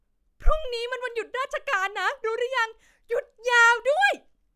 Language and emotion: Thai, happy